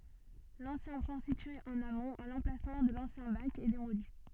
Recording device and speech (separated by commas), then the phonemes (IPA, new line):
soft in-ear microphone, read sentence
lɑ̃sjɛ̃ pɔ̃ sitye ɑ̃n amɔ̃t a lɑ̃plasmɑ̃ də lɑ̃sjɛ̃ bak ɛ demoli